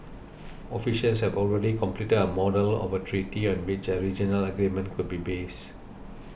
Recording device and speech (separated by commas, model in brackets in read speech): boundary microphone (BM630), read sentence